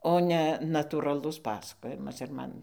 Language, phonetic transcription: Lithuanian, o ˈne natūraˈlus ˈpasakojimas ir ˈman

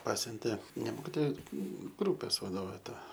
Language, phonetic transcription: Lithuanian, ˈpasiuntė ne ˈmokitoja ˈgrūpės vaˈdovė ˈta

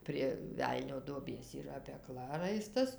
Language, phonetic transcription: Lithuanian, prie ˈvelnio duoˈbės yˈra peˈkla ˈraistas

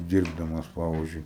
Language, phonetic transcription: Lithuanian, ˈdyrbdamas ˈpavizdžiui

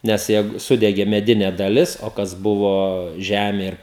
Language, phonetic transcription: Lithuanian, nes ˈjeigu ˈsudegė meˈdine daˈlis o ˈkas ˈbuvo ˈžemė ir

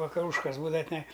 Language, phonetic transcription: Lithuanian, vakaˈrūškas ˈbūdava tiˈnai

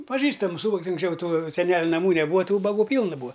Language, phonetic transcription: Lithuanian, paˈžįstamus ˈūbags unksˈčiau ˈtų seˈneliu naˈmų neˈbūa ˈtų ubaˈgų ˈpylna ˈbūa

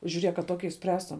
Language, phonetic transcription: Lithuanian, žiuˈriek a ˈtoki išˈspręstum

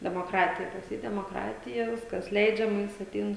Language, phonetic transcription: Lithuanian, demoˈkratija pas ˈjį demoˈkratija ˈviskas ˈleidžiama ˈjis atˈein

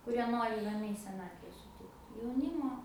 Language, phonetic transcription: Lithuanian, kuˈrie ˈnori raˈmiai seˈnatve suˈtikt jauˈnymo

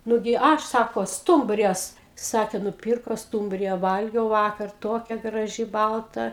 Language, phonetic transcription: Lithuanian, ˈnugi ˈaš ˈsako ˈstumbrijas ˈsakė nuˈpyrko ˈstūmbrija ˈvalgiau ˈvakar ˈtokia graˈži ˈbalta

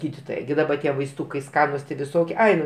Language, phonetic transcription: Lithuanian, ˈgyditoja ˈgi daˈba ˈtie vaisˈtūkai ˈskanus ti viˈsokie ˈai nu

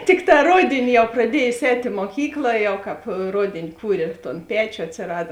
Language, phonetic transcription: Lithuanian, ˈtikˌtā ˈrodėni ˈjau praˈdiejos ˈēt' i muoˈkykla ˈjau ˈkāpˈrodėni ˈkūrė ˈton ˈpečio atsiˈrada

